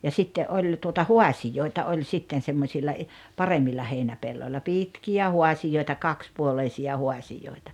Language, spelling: Finnish, ja sitten oli tuota haasioita oli sitten semmoisilla - paremmilla heinäpelloilla pitkiä haasioita kaksipuoleisia haasioita
- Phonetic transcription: ja 'sitte '’oĺ tuota "huasijoita 'oĺ 'sitten semmosilla i- , "paremmilla 'heinäpelloĺĺa "pitki₍ä 'huasijoita "kakspuoleisi₍a 'huasijòita .

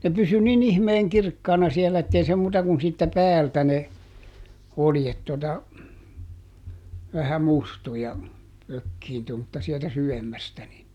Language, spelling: Finnish, ne pysyi niin ihmeen kirkkaana siellä että ei se muuta kuin siitä päältä ne oljet tuota vähän mustui ja ökiintyi mutta sieltä syvemmästä niin
- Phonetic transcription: ne ˈpysy niˈn ‿ihmeeŋ ˈkirkkaana ˈsielä ettei se ˈmuuta kun siittä "päältä ne , ˈoljet tota , vähä "mustu ja , ˈökkiintu mutta sieltä ˈsyvemmästä ni ,.

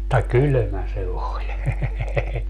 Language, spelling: Finnish, mutta kylmä se oli
- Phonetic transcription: (mut)ta "kylᵒ̈mä se 'oĺ .

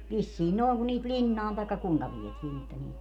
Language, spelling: Finnish, vissiin noin kun niitä linnaan tai kuinka vietiin että niitä
- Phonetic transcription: 'vissiin nòi̮ŋ kun niit "ĺinnaan tai̮kka 'kuiŋka 'vietii että niit .

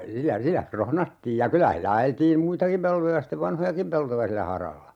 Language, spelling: Finnish, sillä sillä krohnattiin ja kyllä sillä ajeltiin muitakin peltoja sitten vanhojakin peltoja sillä haralla
- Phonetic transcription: sillä 'sillä "krohnattiij ja 'kylä hillä 'ajeltiim "muitakim 'peltoja stev "vanhojakim 'peltoja sillä 'haralla .

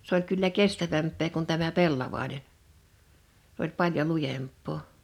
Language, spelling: Finnish, se oli kyllä kestävämpää kuin tämä pellavainen se oli paljon lujempaa
- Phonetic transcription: s ‿oĺ kyllä "kestävämp̆pee kun tämä "pellavàinen , (s) ‿oĺ 'paljo "lujemp̆poo .

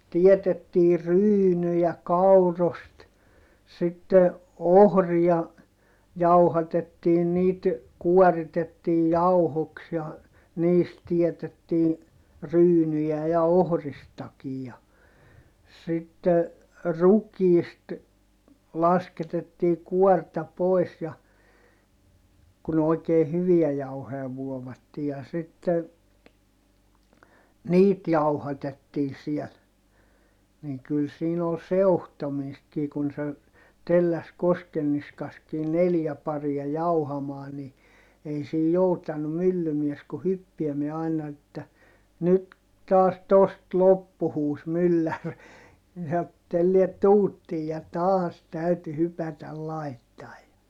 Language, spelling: Finnish, teetettiin ryynejä kaurasta sitten ohria jauhatettiin niitä kuoritettiin jauhoiksi ja niistä teetettiin ryynejä ja ohristakin ja sitten rukiista lasketettiin kuorta pois ja kun oikein hyviä jauhoja vuovattiin ja sitten niitä jauhatettiin siellä niin kyllä siinä oli seuhtomistakin kun se telläsi Koskenniskassakin neljä paria jauhamaan niin ei siinä joutanut myllymies kuin hyppäämään aina että nyt taas tuosta loppui huusi mylläri niin sanoi että tällää tuuttiin ja taas täytyi hypätä laittamaan ja
- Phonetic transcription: tietettiir̆ ryynyjä kaurost , sitte , ohria , jauhatettiin niit , kuɔritettiij jauhoks ja , niist tietettii , ryynyjä̀ ja ohristakij ja , sitte , rukiist , lasketettii kuɔrta pòi̮s ja , kun ‿òi̮kee hyviä jauhoʲa vuovattii - ja sitte , niit jauhatettii siɛl , niŋ kyl siin ‿ol seu̬htomiistkii kun se , telläs Koskenniskaskii neljä paria jauhamaa ni , ei sii joutanu myllymies ku hyppiɛmiɛ aina että , » nyt , taas tost loppu » huus myllär , ni sao et » telliɛt tuuttiij » ja taas täyty hypätäl laittai̮j ja ,.

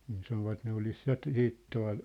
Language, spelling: Finnish, niin sanoivat ne olisi ja - sitten tuolla
- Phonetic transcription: nii sanovat ne olis 'ja ‿t̆- , 'siit tua̭l ,.

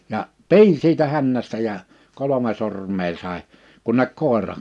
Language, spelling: Finnish, ja pidin siitä hännästä ja kolme sormea sai kunne koira
- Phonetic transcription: 'ja , "pi̬in 'siitä 'hännästä ja , 'kolome sorm̀ee sàe , kunnek koèrà .

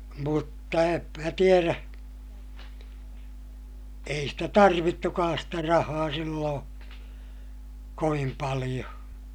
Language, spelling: Finnish, mutta en minä tiedä ei sitä tarvittukaan sitä rahaa silloin kovin paljon
- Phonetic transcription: mutta em mä tierä , ei stä tarvittukaas stä rahaa silloo̰ , kovim paliʲo .

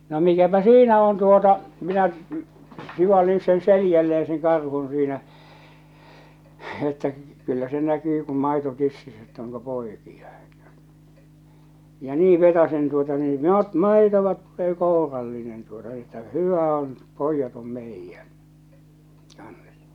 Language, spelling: Finnish, no mikäpä siinä on tuota minä sivalsin sen selälleen sen karhun siinä että kyllä se näkyy kun maito tississä että onko poikia ja niin vetäisen tuota niin no - maitoa tulee kourallinen tuota että hyvä on pojat on meidän kanssa
- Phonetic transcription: no 'mikäpä "siinä on tuota , 'minä , 'sivallin sen 'selijälleeḛ seŋ 'karhun̬ siinä , että 'kyllä se näkyy kum 'maito 'tississ ‿ett ‿oŋko 'poikiʲa , ja "nii 'vetasen tuota nii , no t- "màitova tullee "kòurallinen tuota että "hyvä on , "poijjat om 'meijjän , kans !

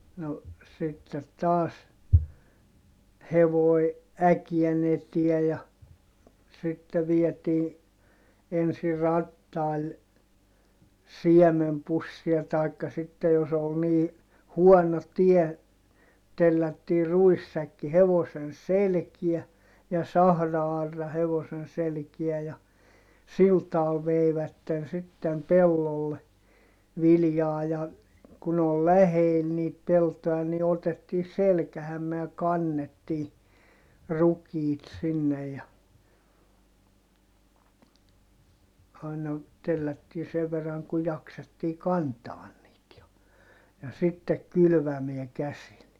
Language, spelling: Finnish, no sitten taas hevonen äkeen eteen ja sitten vietiin ensin rattailla siemenpussia tai sitten jos oli niin huono tie tellättiin ruissäkki hevosen selkään ja sahra-aura hevosen selkään ja sillä tavalla veivät sitten pellolle viljaa ja kun oli lähellä niitä peltoja niin otettiin selkäämme ja kannettiin rukiit sinne ja aina tellättiin sen verran kuin jaksettiin kantaa niitä ja ja sitten kylvämään käsillä
- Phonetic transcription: no , sittet taas , hevoi̮ , äkiɛn ‿etiɛ ja , sitte viɛtii , ensi rattail , siɛmempussia tàikka sittej jos ‿ol nii , huɔno tie , tellättii ruissäkki hevosen selkiä , ja sahra₍arra hevosen selkiä ja , sil taal veivätten sittem pellolle , viljaa ja , kun ‿ol läheel niit peltoʲa ni otettii selkähämme ja kannettii , rukiit sinnej ja , aina , tellättii sev verraŋ ku jaksettii kantaan niit ja , ja sittek kylvämeä käsil .

